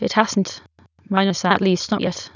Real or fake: fake